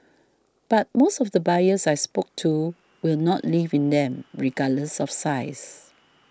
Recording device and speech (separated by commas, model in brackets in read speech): standing microphone (AKG C214), read sentence